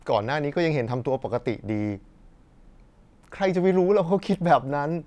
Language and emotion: Thai, happy